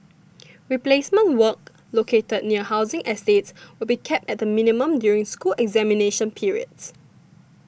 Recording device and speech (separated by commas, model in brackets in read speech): boundary microphone (BM630), read sentence